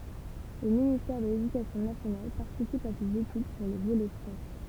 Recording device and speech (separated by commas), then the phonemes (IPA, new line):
temple vibration pickup, read sentence
lə ministɛʁ də ledykasjɔ̃ nasjonal paʁtisip a sez etyd puʁ lə volɛ fʁɑ̃s